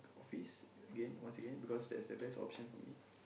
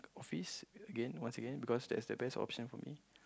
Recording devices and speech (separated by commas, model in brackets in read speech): boundary microphone, close-talking microphone, conversation in the same room